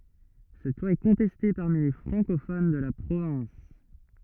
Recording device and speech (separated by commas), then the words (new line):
rigid in-ear microphone, read sentence
Cette loi est contestée parmi les francophones de la province.